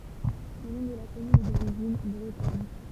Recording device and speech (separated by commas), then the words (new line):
temple vibration pickup, read sentence
Le nom de la commune est d'origine bretonne.